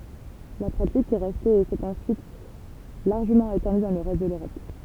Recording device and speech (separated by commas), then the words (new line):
temple vibration pickup, read sentence
La pratique est restée et s'est ensuite largement étendue dans le reste de l'Europe.